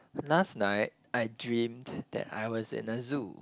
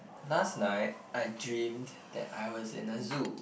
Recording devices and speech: close-talking microphone, boundary microphone, conversation in the same room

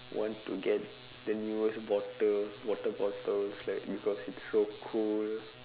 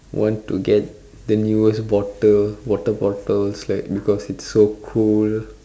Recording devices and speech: telephone, standing microphone, conversation in separate rooms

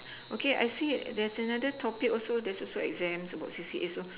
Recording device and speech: telephone, conversation in separate rooms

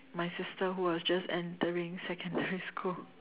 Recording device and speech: telephone, conversation in separate rooms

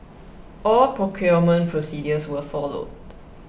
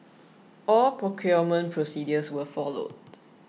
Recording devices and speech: boundary microphone (BM630), mobile phone (iPhone 6), read sentence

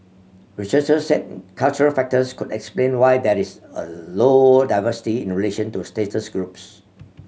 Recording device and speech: mobile phone (Samsung C7100), read sentence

